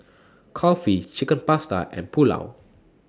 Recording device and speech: standing microphone (AKG C214), read sentence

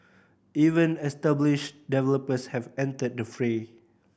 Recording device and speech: boundary microphone (BM630), read sentence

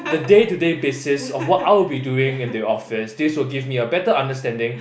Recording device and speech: boundary microphone, conversation in the same room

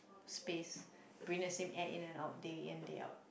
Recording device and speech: boundary microphone, conversation in the same room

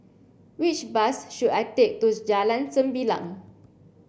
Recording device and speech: boundary microphone (BM630), read sentence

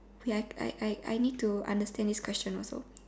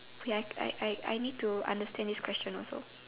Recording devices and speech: standing microphone, telephone, conversation in separate rooms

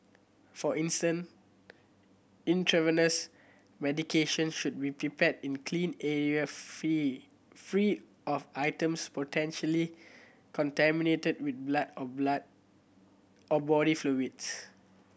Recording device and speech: boundary microphone (BM630), read sentence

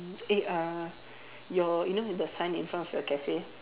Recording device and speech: telephone, conversation in separate rooms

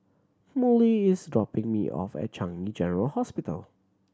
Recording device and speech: standing microphone (AKG C214), read sentence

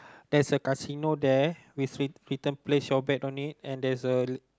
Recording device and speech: close-talking microphone, conversation in the same room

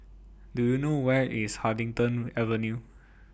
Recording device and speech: boundary microphone (BM630), read sentence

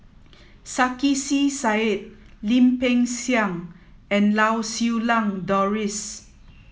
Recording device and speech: mobile phone (iPhone 7), read sentence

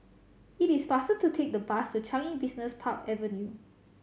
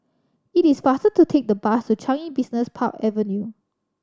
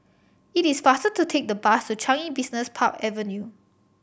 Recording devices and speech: mobile phone (Samsung C7100), standing microphone (AKG C214), boundary microphone (BM630), read sentence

